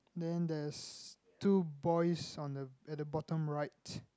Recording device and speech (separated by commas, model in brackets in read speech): close-talking microphone, conversation in the same room